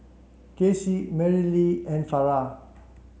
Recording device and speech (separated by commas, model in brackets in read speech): mobile phone (Samsung C7), read sentence